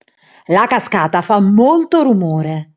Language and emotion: Italian, angry